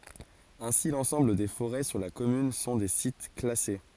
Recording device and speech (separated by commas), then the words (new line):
forehead accelerometer, read sentence
Ainsi, l'ensemble des forêts sur la commune sont des sites classés.